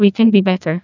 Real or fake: fake